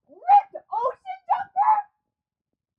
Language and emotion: English, surprised